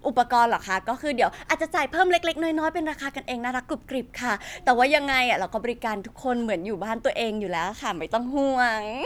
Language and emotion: Thai, happy